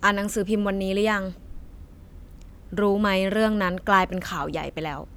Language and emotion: Thai, frustrated